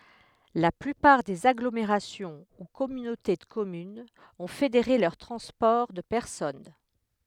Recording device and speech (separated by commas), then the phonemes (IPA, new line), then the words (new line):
headset microphone, read sentence
la plypaʁ dez aɡlomeʁasjɔ̃ u kɔmynote də kɔmynz ɔ̃ fedeʁe lœʁ tʁɑ̃spɔʁ də pɛʁsɔn
La plupart des agglomérations ou communautés de communes ont fédéré leur transport de personnes.